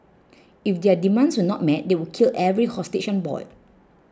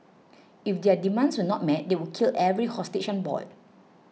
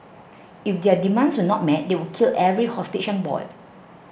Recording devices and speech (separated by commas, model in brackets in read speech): close-talking microphone (WH20), mobile phone (iPhone 6), boundary microphone (BM630), read sentence